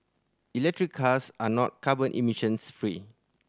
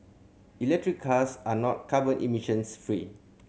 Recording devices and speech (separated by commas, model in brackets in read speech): standing microphone (AKG C214), mobile phone (Samsung C7100), read sentence